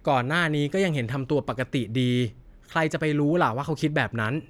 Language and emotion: Thai, frustrated